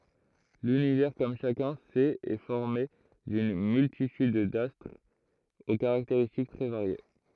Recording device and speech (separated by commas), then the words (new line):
throat microphone, read sentence
L'Univers, comme chacun sait, est formé d'une multitude d'astres aux caractéristiques très variées.